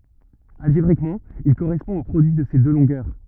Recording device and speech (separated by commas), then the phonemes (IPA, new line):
rigid in-ear microphone, read sentence
alʒebʁikmɑ̃ il koʁɛspɔ̃ o pʁodyi də se dø lɔ̃ɡœʁ